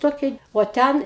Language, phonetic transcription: Lithuanian, ˈtokei o ˈten

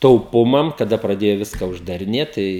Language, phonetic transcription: Lithuanian, tauˈpumam kaˈda praˈdėju ˈviska uždariˈnėt ˈtai

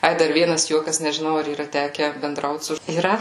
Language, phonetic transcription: Lithuanian, ˈai ˈdar ˈvienas ˈjuokas nežiˈnau ar yˈra ˈteke benˈdraut su yˈra

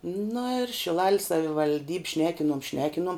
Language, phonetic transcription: Lithuanian, na ir šiˈlal's' savivalˈdyb' ˈšnekinom ˈšnekinuom

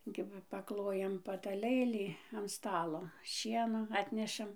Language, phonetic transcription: Lithuanian, ˈkiba paˈklojam pataˈlɘlį an ˈstalo ˈšieno ˈatnešam

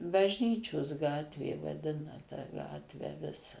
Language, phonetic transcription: Lithuanian, bažˈnyčios ˈgatvė vaˈdina tą ˈgatvę ˈvisa

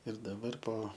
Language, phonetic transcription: Lithuanian, ir daˈbar po

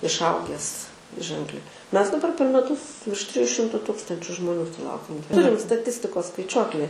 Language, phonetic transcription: Lithuanian, išˈauges ˈženkliai ˈmes daˈbar per meˈtus virš ˈtrijų ˈšimtu ˈtukstančiu žmoˈnių suˈlaukiam ˈturim staˈtistikos skaiˈčiuokli

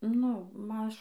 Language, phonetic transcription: Lithuanian, nu ˈmaž

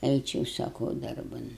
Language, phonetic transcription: Lithuanian, ˈeičiau saˈkau ˈdarban

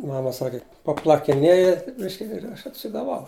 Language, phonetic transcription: Lithuanian, ˈmama ˈsaki paplakiˈnėja ˈbiški ir ˈaš atsigaˈvau

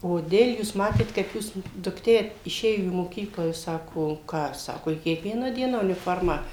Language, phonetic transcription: Lithuanian, koˈdėl' jūs ˈmatėt kaip ˈjūs dukˈtė iˈšėjo į moˈkyklą jūs ˈsako ˈką ˈsako i kiekˈvieną ˈdieną uniˈformą

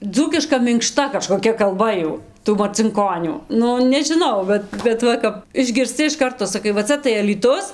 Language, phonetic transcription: Lithuanian, ˈdzūkiška minkˈšta kažkoˈkia kalˈba ˈjų tų marcinˈkonių ˈnu nežiˈnau ˈbet bet ˈva kap išgirsˈci iš ˈkarto saˈkai va ˈca tai alyˈtus

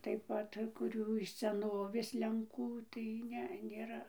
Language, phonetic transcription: Lithuanian, taip ˈpat kuˈrių iš seˈnovės lenˈkų tai ˈne nėˈra

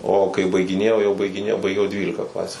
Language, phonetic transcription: Lithuanian, o kai baigiˈnėjau jau baigiˈnėjau baiˈgiau jau ˈdvylika ˈklasių

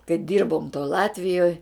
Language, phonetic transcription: Lithuanian, kai ˈdyrbom toj ˈlatvijoj

